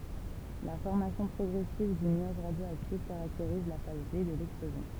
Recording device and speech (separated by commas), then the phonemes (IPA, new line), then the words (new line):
temple vibration pickup, read sentence
la fɔʁmasjɔ̃ pʁɔɡʁɛsiv dy nyaʒ ʁadjoaktif kaʁakteʁiz la faz de də lɛksplozjɔ̃
La formation progressive du nuage radioactif caractérise la phase D de l'explosion.